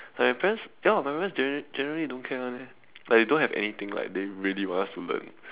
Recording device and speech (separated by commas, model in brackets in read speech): telephone, conversation in separate rooms